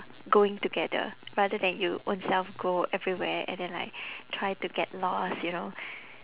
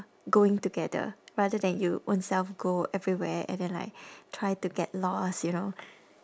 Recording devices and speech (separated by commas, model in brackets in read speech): telephone, standing microphone, conversation in separate rooms